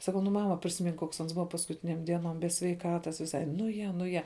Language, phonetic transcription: Lithuanian, saˈkau ˈnu ˈmama prisiˈmink ˈkoks ˈans ˈbuva paskuˈtinėm ˈdienom be sveiˈkatas viˈsai ˈnu ˈje ˈnu ˈje

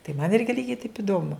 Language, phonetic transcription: Lithuanian, tai man ˈirgi ˈlygiai taip iˈdomu

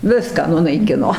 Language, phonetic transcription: Lithuanian, ˈviską nunaiˈkino

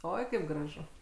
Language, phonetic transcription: Lithuanian, ˈoi kaip graˈžu

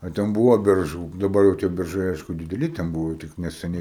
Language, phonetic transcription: Lithuanian, a ˈten ˈbūvo berˈžų daˈbar jau tie berˈžai ˈaišku dideˈli ˈten ˈbūvo tik neseˈniai

